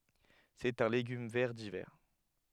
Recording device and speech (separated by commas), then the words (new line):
headset microphone, read sentence
C’est un légume vert d’hiver.